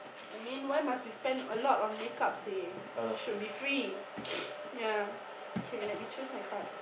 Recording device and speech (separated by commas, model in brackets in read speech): boundary microphone, conversation in the same room